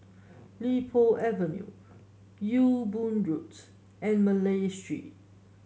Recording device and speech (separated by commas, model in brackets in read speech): mobile phone (Samsung S8), read sentence